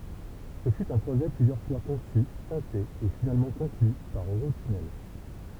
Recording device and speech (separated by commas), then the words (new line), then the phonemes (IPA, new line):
temple vibration pickup, read sentence
Ce fut un projet plusieurs fois conçu, tenté et finalement conclu par Eurotunnel.
sə fy œ̃ pʁoʒɛ plyzjœʁ fwa kɔ̃sy tɑ̃te e finalmɑ̃ kɔ̃kly paʁ øʁotynɛl